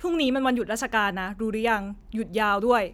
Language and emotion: Thai, angry